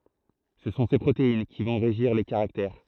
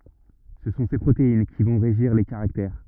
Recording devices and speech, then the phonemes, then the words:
throat microphone, rigid in-ear microphone, read sentence
sə sɔ̃ se pʁotein ki vɔ̃ ʁeʒiʁ le kaʁaktɛʁ
Ce sont ces protéines qui vont régir les caractères.

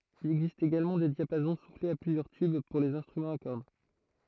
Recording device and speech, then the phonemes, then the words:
throat microphone, read sentence
il ɛɡzist eɡalmɑ̃ de djapazɔ̃ suflez a plyzjœʁ tyb puʁ lez ɛ̃stʁymɑ̃z a kɔʁd
Il existe également des diapasons soufflés à plusieurs tubes, pour les instruments à cordes.

